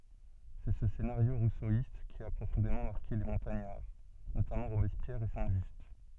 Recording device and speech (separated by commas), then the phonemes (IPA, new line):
soft in-ear microphone, read sentence
sɛ sə senaʁjo ʁusoist ki a pʁofɔ̃demɑ̃ maʁke le mɔ̃taɲaʁ notamɑ̃ ʁobɛspjɛʁ e sɛ̃ ʒyst